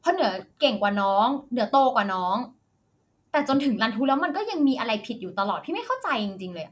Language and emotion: Thai, frustrated